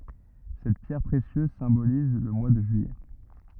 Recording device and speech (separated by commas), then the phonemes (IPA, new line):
rigid in-ear microphone, read sentence
sɛt pjɛʁ pʁesjøz sɛ̃boliz lə mwa də ʒyijɛ